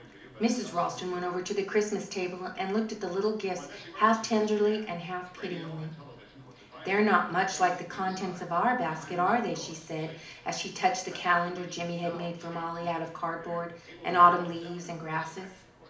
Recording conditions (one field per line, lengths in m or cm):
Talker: one person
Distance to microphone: 2.0 m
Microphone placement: close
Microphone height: 99 cm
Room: medium-sized (5.7 m by 4.0 m)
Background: television